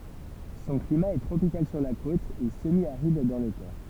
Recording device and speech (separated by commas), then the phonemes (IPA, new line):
temple vibration pickup, read sentence
sɔ̃ klima ɛ tʁopikal syʁ la kot e səmjaʁid dɑ̃ le tɛʁ